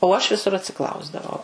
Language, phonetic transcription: Lithuanian, o aš viˈsur atsiˈklausdavau

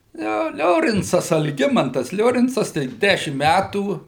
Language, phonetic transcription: Lithuanian, ˈjo ˈliorincas alˈgimantas ˈliorincas ˈtaip ˈdæšim ˈmætų

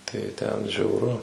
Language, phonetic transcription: Lithuanian, tai ˈten žiauˈru

